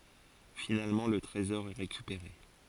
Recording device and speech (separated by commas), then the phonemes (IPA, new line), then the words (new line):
forehead accelerometer, read sentence
finalmɑ̃ lə tʁezɔʁ ɛ ʁekypeʁe
Finalement le trésor est récupéré.